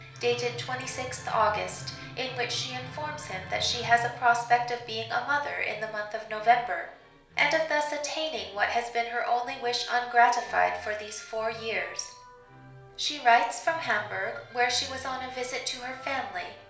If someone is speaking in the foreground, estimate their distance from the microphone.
1.0 m.